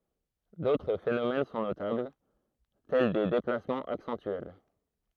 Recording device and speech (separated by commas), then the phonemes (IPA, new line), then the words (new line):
throat microphone, read sentence
dotʁ fenomɛn sɔ̃ notabl tɛl de deplasmɑ̃z aksɑ̃tyɛl
D'autres phénomènes sont notables, tels des déplacements accentuels.